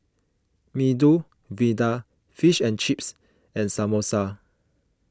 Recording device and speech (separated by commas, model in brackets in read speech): close-talking microphone (WH20), read sentence